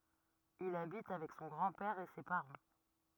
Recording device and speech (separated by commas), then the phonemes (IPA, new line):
rigid in-ear microphone, read sentence
il abit avɛk sɔ̃ ɡʁɑ̃ pɛʁ e se paʁɑ̃